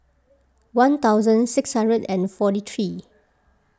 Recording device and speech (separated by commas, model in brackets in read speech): close-talking microphone (WH20), read sentence